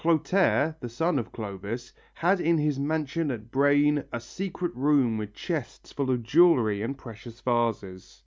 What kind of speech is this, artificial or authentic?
authentic